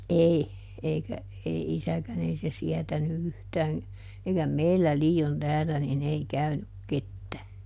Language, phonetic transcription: Finnish, "ʼei , ˈeikä , ˈei ˈisäkän ‿ei se ˈsiɛtäny ˈyhtään̬ , eikä "meillä ˈlii₍on ˈtäälä niˈn ‿ei ˈkäynyk ˈkettää .
- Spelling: ei eikä ei isäkään ei se sietänyt yhtään eikä meillä liioin täällä niin ei käynyt ketään

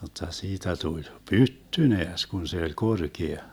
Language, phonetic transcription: Finnish, jotta 'siitä 'tuĺ "pytty 'neäs 'kun se oĺ 'korkea .
- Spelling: jotta siitä tuli pytty näes kun se oli korkea

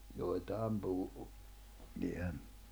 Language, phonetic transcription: Finnish, 'joi̬taam 'puhu , 'jḙä(ny) .
- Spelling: joitakin puhui jäänyt

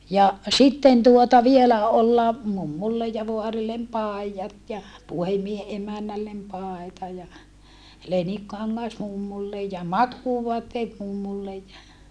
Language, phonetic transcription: Finnish, ja , sitten tuota vielä olla , mummullej ja voarillem pài̮jat ja , puhem̆miehe ʼemännällem pàeta ja , lenikkaŋŋas mummulle ja makkuuvoatteet mummullej ja ,.
- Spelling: ja sitten tuota vielä olla mummulle ja vaarille paidat ja puhemiehen emännälle paita ja leninkikangas mummulle ja makuuvaatteet mummulle ja

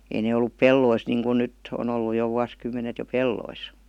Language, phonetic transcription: Finnish, ei ne ollup "pellois niiŋkun "nytt- , -on ‿ollu jo 'vuas'kymmenet jo "pellois .
- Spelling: ei ne ollut pelloissa niin kuin nyt on ollut jo vuosikymmenet jo pelloissa

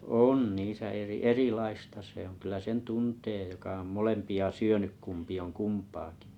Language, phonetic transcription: Finnish, on niisä 'eri- "erìlaista se ‿oŋ 'kyllä 'sen "tuntee joka om "molempi₍a "syöny 'kumpi oŋ 'kumpaakɪ .
- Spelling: on niissä - erilaista se on kyllä sen tuntee joka on molempia syönyt kumpi on kumpaakin

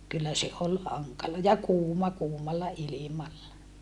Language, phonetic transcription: Finnish, kyllä se ol haŋkala ja kuuma kuumalla ilimalla .
- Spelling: kyllä se oli hankala ja kuuma kuumalla ilmalla

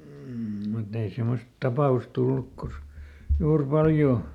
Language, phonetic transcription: Finnish, m̥ , mutt ‿ei ˈsemmost ˈtapà₍us ˈtulluk kosk- , ˈjuur "paljoo .
- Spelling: mm mutta ei semmoista tapausta tullut - juuri paljoa

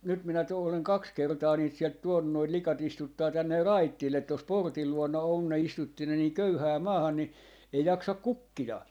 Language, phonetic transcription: Finnish, nyt minä tuu- , oleŋ "kaks 'kertaa 'niit sielt "tuonnun noit 'lika't ‿istuttaa 'tänner "raittillet 'tos "portil 'luona on ne 'istutti ne nii "köyhää 'maahan ni , ei 'jaksak "kukkija .
- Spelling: nyt minä - olen kaksi kertaa niitä sieltä tuonut noita likat istuttaa tänne raitille tuossa portin luona on ne istutti ne niin köyhään maahan niin ei jaksa kukkia

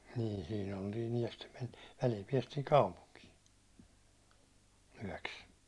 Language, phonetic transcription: Finnish, nii 'sii'n ‿oltiin ‿yäₒ ja stem mentII , 'välil piɛstiin̬ "kaupuŋkii , 'yäₒks .
- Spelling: niin siinä oltiin yö ja sitten mentiin välillä päästiin kaupunkiin yöksi

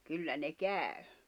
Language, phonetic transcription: Finnish, kyllä ne "kä̀y̬ .
- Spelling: kyllä ne kävi

